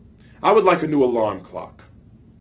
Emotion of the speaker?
angry